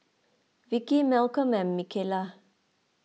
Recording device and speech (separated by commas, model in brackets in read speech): mobile phone (iPhone 6), read sentence